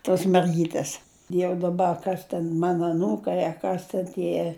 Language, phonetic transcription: Lithuanian, tos merˈgytės jau daˈba a ˈkas ten ˈmana aˈnūkai a ˈkas ten ˈtie

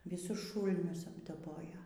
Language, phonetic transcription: Lithuanian, viˈsus ˈšūlnius apdaˈbojo

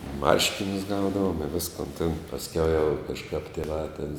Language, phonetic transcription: Lithuanian, ˈmarškinius ˈgaudavom i ˈviskon tėn pasˈkiau jau kažˈkap tėˈvā tėn

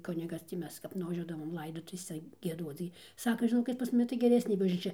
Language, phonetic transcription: Lithuanian, ˈkunigas tį ˈmes kap nuvaˈžiuodavom ˈlaidotuvėse gieˈduoc gi ˈsaka žiˈnokit pas muˈmi tai geˈresnė bažnyˈčia

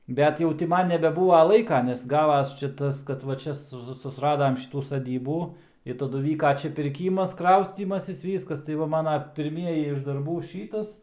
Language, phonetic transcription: Lithuanian, ˈbet jau ti ˈman nebeˈbūva ˈlaika nes ˈgavas ˈčia ˈtas kad ˈva ˈčia su susˈradam ˈšitų saˈdybų i taˈdu ˈvyka ˈčia pirˈkymas ˈkraustymasis ˈvyskas tai ˈva ˈmana pirˈmieji iš darˈbų ˈšytas

